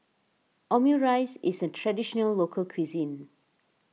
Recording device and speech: mobile phone (iPhone 6), read sentence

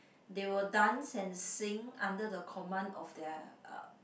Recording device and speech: boundary microphone, conversation in the same room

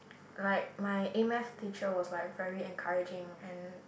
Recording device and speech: boundary microphone, conversation in the same room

